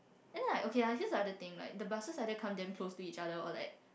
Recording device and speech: boundary microphone, conversation in the same room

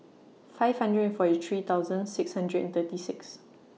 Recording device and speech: mobile phone (iPhone 6), read sentence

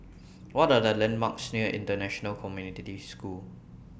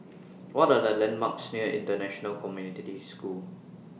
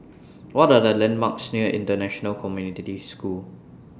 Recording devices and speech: boundary microphone (BM630), mobile phone (iPhone 6), standing microphone (AKG C214), read sentence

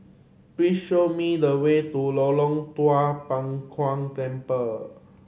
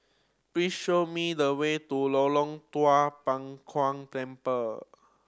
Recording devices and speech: mobile phone (Samsung C7100), standing microphone (AKG C214), read sentence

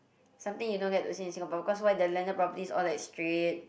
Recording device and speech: boundary microphone, conversation in the same room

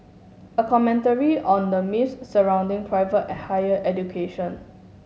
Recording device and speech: mobile phone (Samsung S8), read sentence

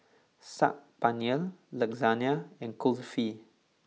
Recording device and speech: mobile phone (iPhone 6), read sentence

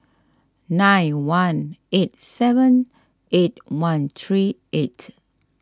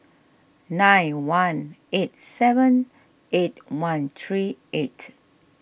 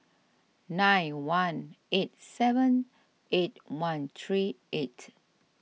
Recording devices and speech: standing microphone (AKG C214), boundary microphone (BM630), mobile phone (iPhone 6), read sentence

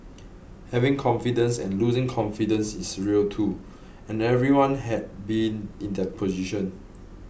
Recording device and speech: boundary microphone (BM630), read sentence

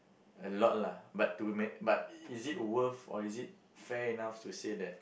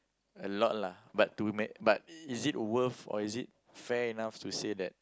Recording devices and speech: boundary microphone, close-talking microphone, conversation in the same room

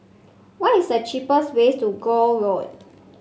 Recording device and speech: mobile phone (Samsung C5), read sentence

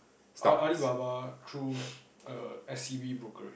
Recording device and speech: boundary microphone, conversation in the same room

